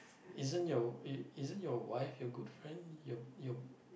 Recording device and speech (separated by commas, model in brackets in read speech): boundary microphone, conversation in the same room